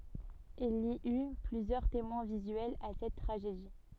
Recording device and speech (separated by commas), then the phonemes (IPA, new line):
soft in-ear microphone, read sentence
il i y plyzjœʁ temwɛ̃ vizyɛlz a sɛt tʁaʒedi